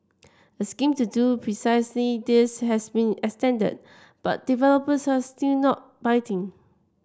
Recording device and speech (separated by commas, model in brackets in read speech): standing microphone (AKG C214), read sentence